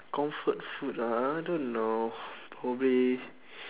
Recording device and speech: telephone, conversation in separate rooms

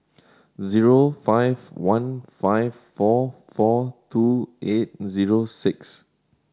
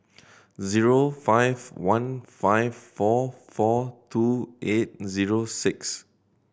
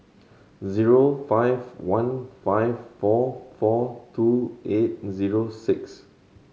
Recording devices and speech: standing microphone (AKG C214), boundary microphone (BM630), mobile phone (Samsung C7100), read sentence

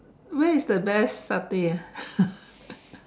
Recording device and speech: standing microphone, conversation in separate rooms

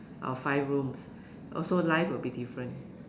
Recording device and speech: standing microphone, conversation in separate rooms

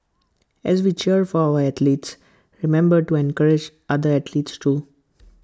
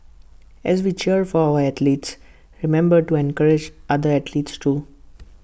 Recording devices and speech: close-talking microphone (WH20), boundary microphone (BM630), read sentence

